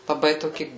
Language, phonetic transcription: Lithuanian, laˈbai toˈki

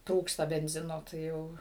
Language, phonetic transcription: Lithuanian, ˈtrūksta benˈzino tai ˈjau

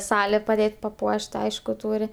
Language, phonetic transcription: Lithuanian, ˈsalė paˈdėt' paˈpuošt ˈaišku ˈtūri

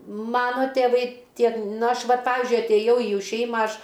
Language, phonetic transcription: Lithuanian, ˈmano tėˈvai ˈtiek ˈna ˈaš ˈvat ˈpavizdžiui atėˈjau į ˈjų ˈšeima ˈaš

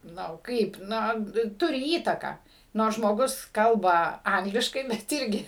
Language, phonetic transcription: Lithuanian, ˈnu ˈkaip ˈno ˈturi ˈįtaką ˈnors žmoˈgus ˈkalba ˈangliškai bet ˈirgi

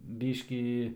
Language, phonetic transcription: Lithuanian, ˈbyškį

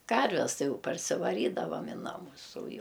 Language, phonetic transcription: Lithuanian, ˈkarves ˈtai ˈjau parsivaˈrydavam i ˈnamus o ˈjau

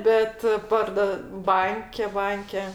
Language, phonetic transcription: Lithuanian, ˈbet ˈpardo ˈbanke ˈbanke

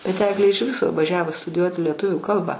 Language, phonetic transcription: Lithuanian, bet ˈeglė iš ˈviso vaˈžiavo studiˈjuoti lieˈtuvių ˈkalba

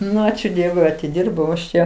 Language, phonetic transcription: Lithuanian, ˈnu ˈačiu ˈdievui atiˈdyrbau aš ˈčia

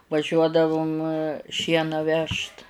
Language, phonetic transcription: Lithuanian, vaˈžiuodavum ˈšieną ˈvežt

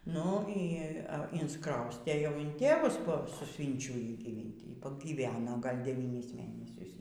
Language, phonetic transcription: Lithuanian, ˈnu ˈy insˈkraustė jau in ˈtėvus po suˈsvynčiujį gyˈvinti ˈy pagyˈveno ˈgal' deˈvynis ˈmėnesius

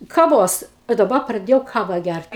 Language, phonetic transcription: Lithuanian, kaˈvos i daˈba praˈdėjau ˈkava ˈgært

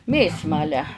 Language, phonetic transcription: Lithuanian, ˈmėsmalę

